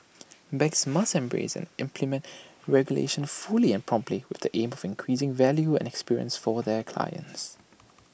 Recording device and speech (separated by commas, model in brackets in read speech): boundary microphone (BM630), read sentence